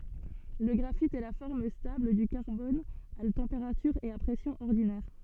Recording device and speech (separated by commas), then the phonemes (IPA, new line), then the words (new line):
soft in-ear microphone, read sentence
lə ɡʁafit ɛ la fɔʁm stabl dy kaʁbɔn a tɑ̃peʁatyʁ e a pʁɛsjɔ̃z ɔʁdinɛʁ
Le graphite est la forme stable du carbone à température et à pressions ordinaires.